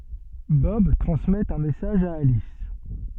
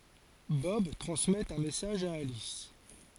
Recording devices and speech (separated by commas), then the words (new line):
soft in-ear microphone, forehead accelerometer, read sentence
Bob transmet un message à Alice.